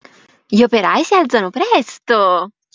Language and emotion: Italian, happy